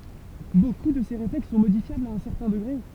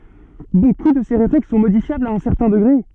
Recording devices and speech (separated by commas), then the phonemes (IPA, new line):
temple vibration pickup, soft in-ear microphone, read sentence
boku də se ʁeflɛks sɔ̃ modifjablz a œ̃ sɛʁtɛ̃ dəɡʁe